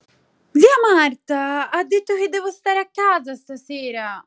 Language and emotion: Italian, angry